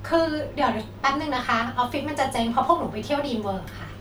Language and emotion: Thai, frustrated